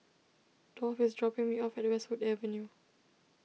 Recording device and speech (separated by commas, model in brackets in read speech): mobile phone (iPhone 6), read sentence